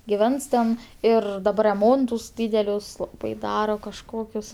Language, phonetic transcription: Lithuanian, giˈvens ten ˈir daˈbar reˈmontus ˈdydelius laˈbai ˈdaro kažˈkokius

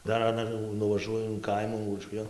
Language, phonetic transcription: Lithuanian, ˈdar aˈna jau nuvaˈžuoju in ˈkaimų uoˈšvijon

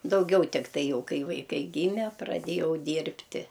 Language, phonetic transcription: Lithuanian, dauˈgiau tikˈtai ˈjau ˈkai vaiˈkai ˈgyme praˈdėjau ˈdyrbti

